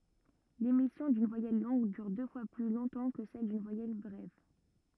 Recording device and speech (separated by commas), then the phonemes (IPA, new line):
rigid in-ear microphone, read sentence
lemisjɔ̃ dyn vwajɛl lɔ̃ɡ dyʁ dø fwa ply lɔ̃tɑ̃ kə sɛl dyn vwajɛl bʁɛv